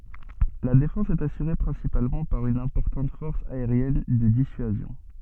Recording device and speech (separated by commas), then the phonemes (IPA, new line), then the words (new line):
soft in-ear microphone, read sentence
la defɑ̃s ɛt asyʁe pʁɛ̃sipalmɑ̃ paʁ yn ɛ̃pɔʁtɑ̃t fɔʁs aeʁjɛn də disyazjɔ̃
La défense est assurée principalement par une importante force aérienne de dissuasion.